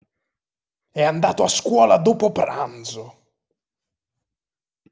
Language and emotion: Italian, angry